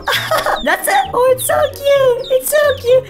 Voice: in a funny voice